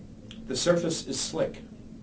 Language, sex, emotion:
English
male
neutral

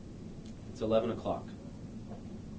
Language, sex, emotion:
English
male
neutral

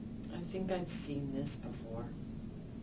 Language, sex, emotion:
English
female
neutral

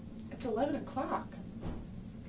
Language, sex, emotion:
English
female
neutral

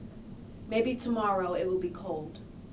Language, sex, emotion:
English
female
neutral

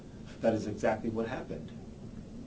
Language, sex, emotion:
English
male
neutral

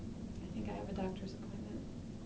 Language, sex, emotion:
English
female
neutral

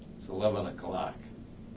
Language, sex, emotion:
English
male
neutral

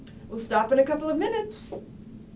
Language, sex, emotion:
English
female
happy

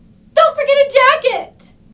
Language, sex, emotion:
English
female
fearful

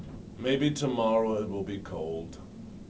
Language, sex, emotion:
English
male
disgusted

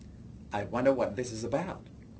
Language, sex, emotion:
English
male
neutral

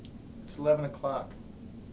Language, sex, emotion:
English
male
neutral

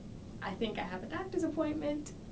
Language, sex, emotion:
English
female
happy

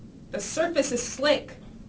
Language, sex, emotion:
English
female
angry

